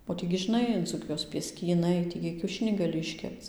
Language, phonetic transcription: Lithuanian, o ˈtį gi žiˈnai dzūˈkijos pieskyˈnai ˈtį gi kiauˈšinį gaˈli išˈkepc

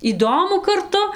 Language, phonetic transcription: Lithuanian, įˈdomu karˈtu

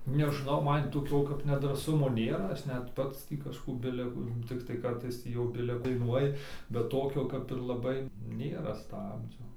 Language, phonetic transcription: Lithuanian, nežˈnau ˈman toˈkio kap nedrąˈsumo ˈnėra ˈaš net ˈpats tį kažˈkų ˈbile ku tikˈtai ˈkartais ˈtį jau ˈbile daiˈnuoji bet ˈtokio kap ir laˈbai ˈnėra ˈstabdžio

